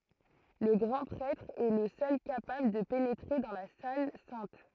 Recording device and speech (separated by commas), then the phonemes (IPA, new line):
throat microphone, read sentence
lə ɡʁɑ̃ pʁɛtʁ ɛ lə sœl kapabl də penetʁe dɑ̃ la sal sɛ̃t